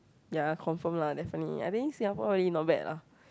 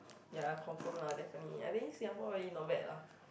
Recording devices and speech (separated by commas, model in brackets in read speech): close-talking microphone, boundary microphone, conversation in the same room